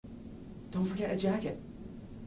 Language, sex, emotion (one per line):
English
male
neutral